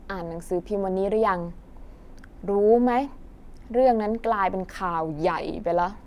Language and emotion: Thai, frustrated